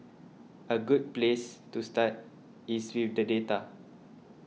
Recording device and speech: mobile phone (iPhone 6), read sentence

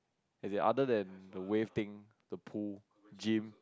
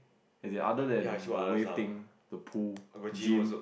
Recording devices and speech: close-talking microphone, boundary microphone, conversation in the same room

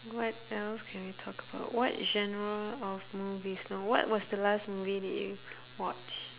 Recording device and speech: telephone, conversation in separate rooms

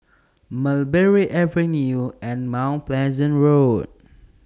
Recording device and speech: standing microphone (AKG C214), read sentence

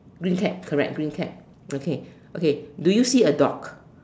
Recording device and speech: standing microphone, conversation in separate rooms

